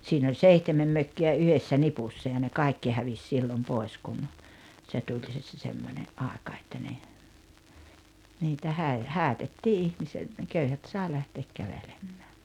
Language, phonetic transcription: Finnish, siin ‿oĺ "seihtemem "mökki₍ä 'yhessä "nipussa ja ne 'kài̬kki hävis 'sillom 'poi̬s kun , se 'tuĺ se se se 'semmońe’ '’àeka että ne , niitä 'häi- , 'häätettii 'ihmise- , ne 'köyhät sài 'lähteek 'kävelemᴍᴀ̈ᴀ̈ .
- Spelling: siinä oli seitsemän mökkiä yhdessä nipussa ja ne kaikki hävisi silloin pois kun se tuli se se se semmoinen aika että ne niitä - häädettiin - ne köyhät sai lähteä kävelemään

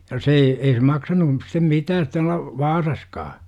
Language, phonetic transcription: Finnish, ja 'se ei , ei se 'maksa-nu stem "mitäät tual̆la , "Vaasaskaa .
- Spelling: ja se ei ei se maksanut sitten mitään tuolla Vaasassakaan

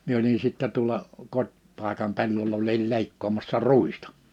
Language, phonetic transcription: Finnish, mie oli sittɛ tuᵒlla , 'kot́'pàekam 'pellol ‿olil 'lèikkoomassa "rùistᴀ .
- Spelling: minä olin sitten tuolla kotipaikan pellolla olin leikkaamassa ruista

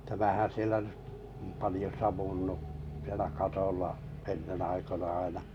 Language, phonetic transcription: Finnish, tämähän̬ 'sielä nʏ , palⁱjo savunnu , sielä 'katolla , 'ennen aikona aina .
- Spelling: tämähän siellä nyt paljon savunnut siellä katolla ennen aikoina aina

